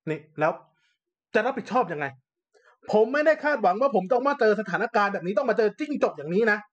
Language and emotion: Thai, angry